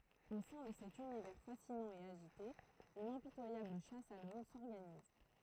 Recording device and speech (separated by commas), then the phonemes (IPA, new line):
throat microphone, read sentence
o sɛ̃ də sɛt ynivɛʁ fasinɑ̃ e aʒite yn ɛ̃pitwajabl ʃas a lɔm sɔʁɡaniz